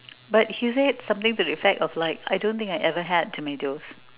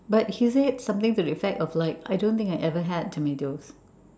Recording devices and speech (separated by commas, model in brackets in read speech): telephone, standing microphone, conversation in separate rooms